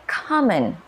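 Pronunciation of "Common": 'Common' is said the standard American English way, with a burst of air on the k sound.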